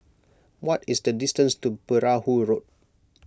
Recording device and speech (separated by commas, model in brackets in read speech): close-talking microphone (WH20), read sentence